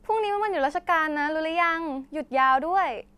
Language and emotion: Thai, happy